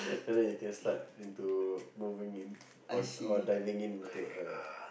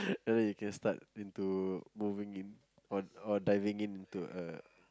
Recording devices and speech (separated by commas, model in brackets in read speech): boundary microphone, close-talking microphone, conversation in the same room